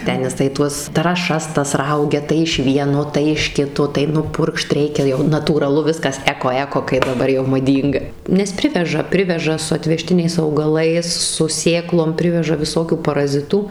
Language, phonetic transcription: Lithuanian, ˈten jiˈsai ˈtuos trąˈšas ˈtas ˈraugia tai iš ˈvieno tai iš ˈkito tai nuˈpurkšt ˈreikia jau natūraˈlu ˈviskas ˈeko ˈeko kai daˈbar jau maˈdynga nes ˈpriveža ˈpriveža su atveˈžtiniais augaˈlais su ˈsėklom ˈpriveža viˈsokių paraˈzitų

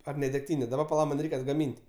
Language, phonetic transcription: Lithuanian, ar ne degˈtynė daˈba paˈla ˈman' ˈreik' atgaˈmynt'

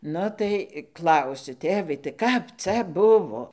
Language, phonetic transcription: Lithuanian, ˈnu tai ˈklausiu ˈtėvai tai ˈkap ˈcia ˈbuvo

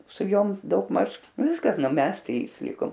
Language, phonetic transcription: Lithuanian, su ˈjom daugˈmaž ˈviskas ˈnu ˈmes ˈtrys ˈlikom

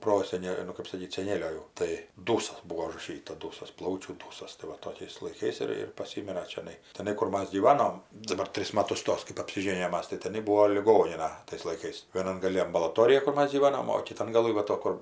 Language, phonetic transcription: Lithuanian, ˈprosene nu kɜp saˈkyt seˈnėlio jau ˈtai ˈdūsas ˈbūo užraˈšyta ˈdūsas ˈplaučių tai ˈva ˈtokiais laiˈkais ir ir paˈsimira čiaˈnai teˈnai kur ˈmas gyˈvanom daˈbar ˈtris ˈmatus ˈtos kɜp apsiˈžėnijom ˈmas tai teˈnai ˈbūo liˈgonina tais laiˈkais vieˈnan gaˈli ambalaˈtorija kur ˈmas gyˈvanom o kiˈtan gaˈlɨ va ˈto ˈkur

